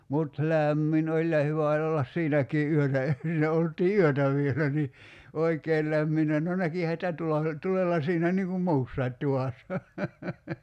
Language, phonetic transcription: Finnish, 'mut "lä̀mmin oĺ ja 'hyvä oĺ ollas "siinäkii '’yötä e , 'siinä olt̀ii "yötä 'vielä ni , 'oikeel lämminnä no 'näkihä sⁱtä 'tula- , 'tulella siinä niiŋ kum "muussait 'tuvàssa .
- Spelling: mutta lämmin oli ja hyvä oli olla siinäkin yötä - siinä oltiin yötä vielä niin oikein lämminnyt no näkihän sitä - tulella siinä niin kuin muussakin tuvassa

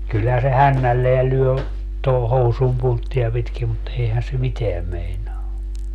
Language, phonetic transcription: Finnish, kylhää se "hännälleä 'lyö , toho "housum 'puntti₍a pitki mut 'eihän se "miteäm 'meinaa .
- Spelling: kyllähän se hännällään lyö tuohon housun punttia pitkin mutta eihän se mitään meinaa

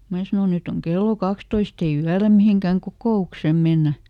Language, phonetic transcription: Finnish, ˈmää sano » ˈnyt ‿oŋ ˈkello "kakstoist ‿ei ˈyälä ˈmiheŋkä̀ŋ "kokò₍uksem̆ ˈmennä .
- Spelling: minä sanoin nyt on kello kaksitoista ei yöllä mihinkään kokoukseen mennä

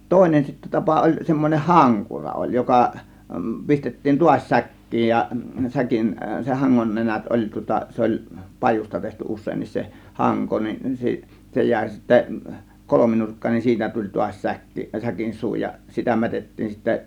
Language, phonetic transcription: Finnish, 'tòėnen sittä "tapa oĺ semmoneh "haŋkura oĺ 'joka , 'pistettiin "tuaś "säk̀kiij ja , 'säkin , se 'haŋŋon 'nenät oĺ tŭŏta 'se oĺ , "pajus̆ta tehty "us̆seennis se , "haŋko nin , 'si- , 'se jä̀ė sittä , 'kolominurkka(nen) nin 'siitä tuĺ tuas͕ 'säkki , 'säkin "suu ja sitä 'mätettiin sittä .
- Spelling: toinen sitten tapa oli semmoinen hankura oli joka pistettiin taas säkkiin ja säkin sen hangon nenät oli tuota se oli pajusta tehty useinkin se hanko niin - se jäi sitten kolminurkkainen niin siitä tuli taas säkki säkin suu ja sitä mätettiin sitten

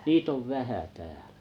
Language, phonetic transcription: Finnish, nii't ‿ov "vähä täälᴀ̈ .
- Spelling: niitä on vähän täällä

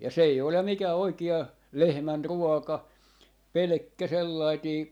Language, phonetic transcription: Finnish, ja 's ‿ei 'olem 'mikää 'oiki₍a , "lehmän'ruɔka , "pelᵉkkä "sellaitii ,.
- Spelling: ja se ei ole mikään oikea lehmänruoka pelkkä sellainen

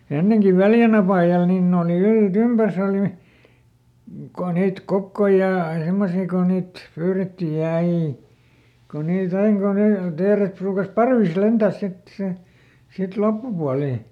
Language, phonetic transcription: Finnish, ˈenneŋki "Väljän ‿apàjal niin ˈne oli ˈylt"ympärs ‿òli , ko ˈniit ˈkokkoi ja , ˈsemmosii ko niit , ˈpyyrettij ja ˈai , ko niiˈt ‿aiŋ ko ˈne , ˈteeret pruukas "parvis "lentä̀s sit si , sit ˈloppupualì .
- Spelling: ennenkin Väljän apajalla niin ne oli yltympäriinsä oli kun niitä kokkoja ja semmoisia kun niitä pyydettiin ja aina kun niitä aina kun ne teeret ruukasi parvissa lentää sitten - sitten loppupuoli

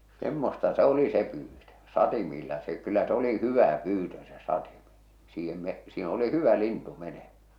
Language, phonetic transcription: Finnish, 'semmosta 'se oli 'se pyytö , 'satimiilla se kyllä s ‿oli "hyvä "pyytö se 'satimᴇ , siihem me- , siin oli 'hyvä 'lintu 'meneᴍᴀ̈ .
- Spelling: semmoista se oli se pyytö satimilla se kyllä se oli hyvä pyytö se satimen siihen - siinä oli hyvä lintu menemään

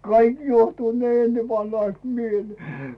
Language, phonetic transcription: Finnish, 'kaik juohtuut ne 'ennevanhaⁱst "mielee .
- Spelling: kaikki juohtuvat ne ennenvanhaiset mieleen

